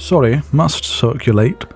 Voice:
silly posh voice